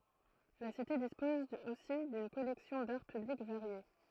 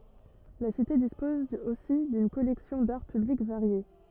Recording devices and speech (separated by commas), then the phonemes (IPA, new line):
throat microphone, rigid in-ear microphone, read sentence
la site dispɔz osi dyn kɔlɛksjɔ̃ daʁ pyblik vaʁje